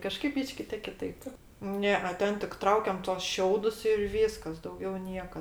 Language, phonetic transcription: Lithuanian, kaˈžkaip ˈbyški tė kiˈtaip ˈne e ˈten tik ˈtraukiam tuos ˈšiaudus ir ˈvyskas dauˈgiau ˈnieka

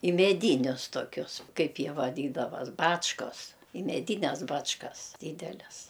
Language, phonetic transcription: Lithuanian, i meˈdynius toˈkius ˈkaip ˈjie vaˈdydavas ˈbačkos i meˈdynes ˈbačkas ˈdydeles

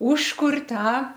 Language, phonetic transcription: Lithuanian, ˈūžkur' ˈtą

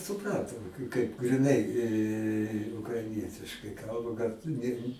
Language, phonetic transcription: Lithuanian, suˈprantu kaip griˈnai ukraiˈnietiškai ˈkalba gal tu ˈne

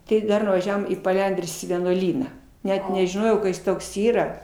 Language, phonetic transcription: Lithuanian, ˈtai ˈdar vaˈžiavom į paˈlendrius į vienuoˈlyną ˈnet nežiˈnojau ka ˈjis ˈtoks ˈyra

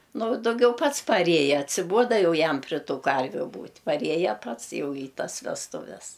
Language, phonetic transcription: Lithuanian, ˈnu dauˈgiau ˈpats paˈrėja atsiˈbuoda ˈjau ˈjam pri ˈtų ˈkarviu ˈbūt' paˈrieja ˈpats ˈjau į ˈtas vesˈtuves

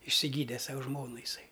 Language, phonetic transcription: Lithuanian, išsiˈgyde ˈsau ˈžmonu jiˈsai

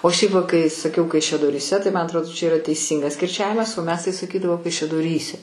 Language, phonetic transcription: Lithuanian, o šiaip va kai saˈkiau kaišiadoryˈse tai man atrˈodo čia iˈra teiˈsyngas kirˈčiavimas o mes tai saˈkydavo kaišiadoˈryse

